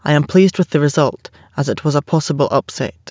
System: none